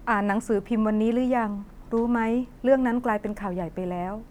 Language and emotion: Thai, neutral